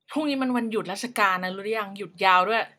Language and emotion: Thai, neutral